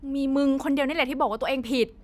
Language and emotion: Thai, angry